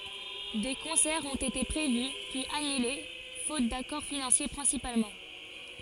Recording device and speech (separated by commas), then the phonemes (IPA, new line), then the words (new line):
forehead accelerometer, read sentence
de kɔ̃sɛʁz ɔ̃t ete pʁevy pyiz anyle fot dakɔʁ finɑ̃sje pʁɛ̃sipalmɑ̃
Des concerts ont été prévus puis annulés faute d'accords financiers principalement.